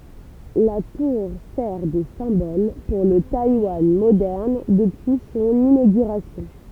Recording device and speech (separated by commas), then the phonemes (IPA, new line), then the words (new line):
temple vibration pickup, read sentence
la tuʁ sɛʁ də sɛ̃bɔl puʁ lə tajwan modɛʁn dəpyi sɔ̃n inoɡyʁasjɔ̃
La tour sert de symbole pour le Taïwan moderne depuis son inauguration.